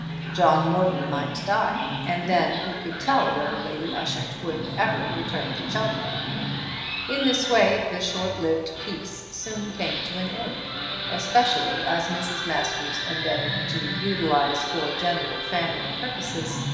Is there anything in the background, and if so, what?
A television.